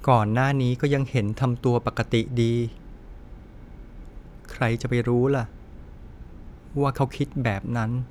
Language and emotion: Thai, sad